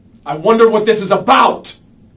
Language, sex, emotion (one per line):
English
male
angry